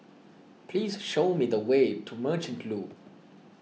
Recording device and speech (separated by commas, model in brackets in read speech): mobile phone (iPhone 6), read sentence